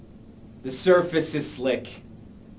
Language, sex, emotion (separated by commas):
English, male, angry